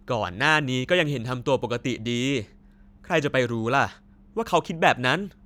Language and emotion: Thai, neutral